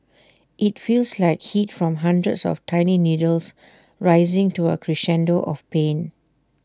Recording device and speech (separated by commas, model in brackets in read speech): standing microphone (AKG C214), read sentence